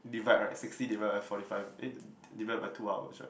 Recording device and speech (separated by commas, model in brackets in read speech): boundary microphone, conversation in the same room